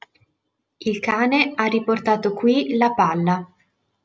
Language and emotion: Italian, neutral